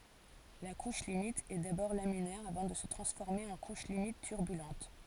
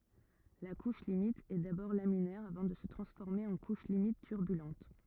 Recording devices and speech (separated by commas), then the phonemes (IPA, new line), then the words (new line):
forehead accelerometer, rigid in-ear microphone, read sentence
la kuʃ limit ɛ dabɔʁ laminɛʁ avɑ̃ də sə tʁɑ̃sfɔʁme ɑ̃ kuʃ limit tyʁbylɑ̃t
La couche limite est d'abord laminaire avant de se transformer en couche limite turbulente.